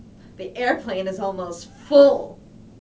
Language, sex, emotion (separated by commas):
English, female, disgusted